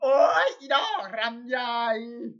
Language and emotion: Thai, happy